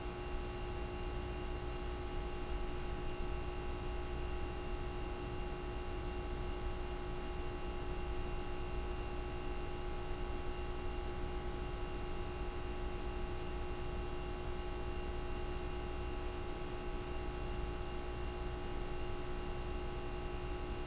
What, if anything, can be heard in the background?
Nothing.